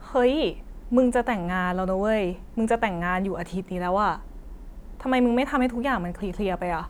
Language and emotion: Thai, frustrated